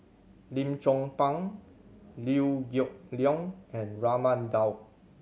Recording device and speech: mobile phone (Samsung C7100), read sentence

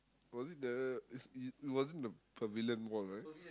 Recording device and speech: close-talking microphone, conversation in the same room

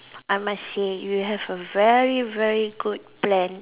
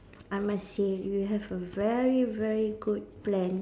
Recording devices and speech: telephone, standing microphone, conversation in separate rooms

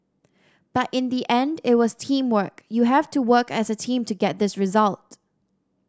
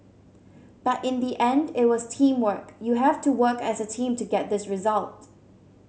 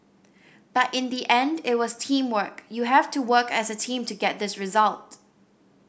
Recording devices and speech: standing microphone (AKG C214), mobile phone (Samsung C7100), boundary microphone (BM630), read sentence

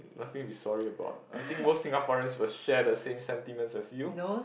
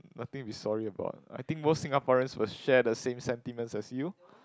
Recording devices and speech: boundary microphone, close-talking microphone, conversation in the same room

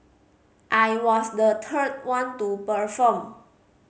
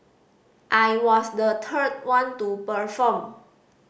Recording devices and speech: mobile phone (Samsung C5010), boundary microphone (BM630), read sentence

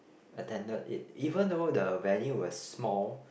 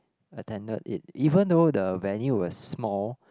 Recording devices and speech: boundary microphone, close-talking microphone, conversation in the same room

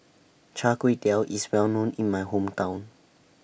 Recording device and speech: boundary microphone (BM630), read sentence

